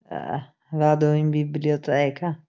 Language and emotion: Italian, disgusted